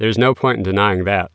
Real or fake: real